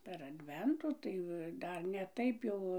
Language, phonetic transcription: Lithuanian, per adˈventu ˈtai va ˈdar ne ˈtaip jau

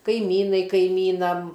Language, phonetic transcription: Lithuanian, kaiˈmynai kaiˈmynam

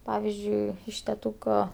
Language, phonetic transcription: Lithuanian, ˈpavizdžiui iš teˈtūko

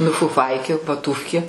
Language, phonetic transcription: Lithuanian, nu fuˈfaikė vaˈtūfkė

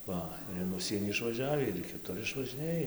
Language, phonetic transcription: Lithuanian, ˈva ir in ˈužsienį išvaˈžiavį ir į kiˈtur išvažiˈnėj

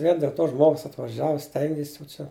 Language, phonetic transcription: Lithuanian, vien dėl ˈto ˈžmogus atvaˈžiavu ˈstengis jau ˈčia

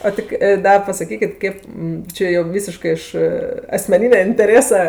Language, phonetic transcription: Lithuanian, o ˈti ki ˈda pasaˈkykit ˈkėp ˈčia jo ˈvysiškɜ iš asmeˈninia inteˈrėsa

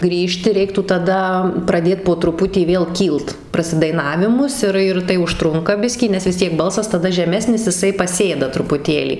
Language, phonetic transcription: Lithuanian, ˈgrįžti ˈreiktų taˈda praˈdėt po truˈputį ˈvėl ˈkylt prasidaiˈnavimus ˈir ir tai užˈtrunka ˈbiskį nes vis ˈtiek ˈbalsas taˈda žeˈmesnis jiˈsai paˈsėda trupuˈtėlį

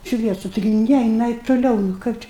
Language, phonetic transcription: Lithuanian, ˈšviesu ˈtigi ˈne jiˈnai tuˈliau nu ˈkaip čia

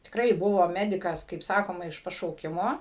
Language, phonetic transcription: Lithuanian, tikˈrai ˈbuvo ˈmedikas kaip ˈsakoma iš pašauˈkimo

